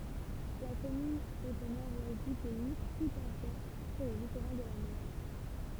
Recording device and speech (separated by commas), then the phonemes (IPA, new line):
temple vibration pickup, read sentence
la kɔmyn ɛt o nɔʁ wɛst dy pɛi kutɑ̃sɛ syʁ lə litoʁal də la mɑ̃ʃ